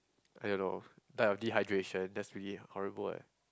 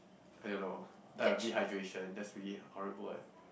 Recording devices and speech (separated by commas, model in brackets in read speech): close-talking microphone, boundary microphone, conversation in the same room